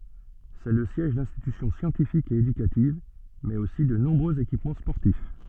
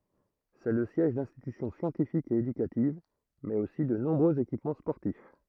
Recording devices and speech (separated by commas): soft in-ear microphone, throat microphone, read sentence